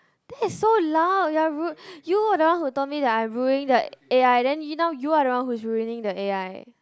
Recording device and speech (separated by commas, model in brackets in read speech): close-talking microphone, conversation in the same room